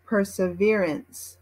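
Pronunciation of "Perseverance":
'Perseverance' is pronounced in American English.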